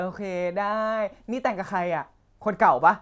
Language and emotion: Thai, happy